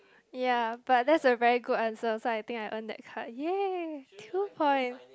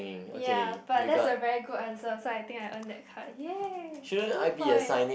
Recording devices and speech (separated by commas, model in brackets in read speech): close-talking microphone, boundary microphone, conversation in the same room